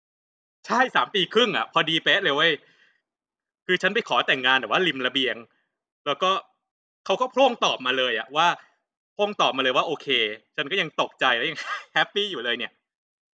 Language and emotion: Thai, happy